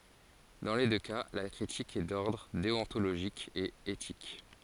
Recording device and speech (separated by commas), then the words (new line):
forehead accelerometer, read sentence
Dans les deux cas, la critique est d'ordre déontologique et éthique.